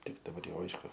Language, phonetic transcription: Lithuanian, ˈtik daˈbar ˈjau ˈaišku

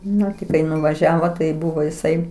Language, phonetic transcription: Lithuanian, ˈnu ti ˈkai nuvaˈžiavo tai ˈbuvo iˈsai

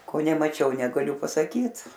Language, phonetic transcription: Lithuanian, ˈko nemaˈčiau negaˈliu pasaˈkyt

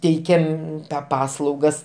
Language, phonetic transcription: Lithuanian, ˈteikiam ˈpaslaugas

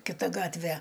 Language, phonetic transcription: Lithuanian, kiˈta ˈgatve

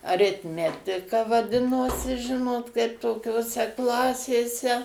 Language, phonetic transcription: Lithuanian, aritˈmetika vaˈdinosi ˈžinot kaip tokioˈse ˈklasėse

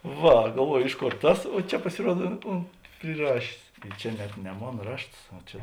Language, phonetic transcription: Lithuanian, ˈva galˈvuoju ˈiš ˌkor ˈtas o ˈčia pasiˈruod u ˈunt priˈrašės i ˈčia net ne ˈmon ˈrašts o ˈčia

